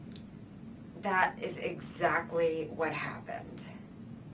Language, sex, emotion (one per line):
English
female
disgusted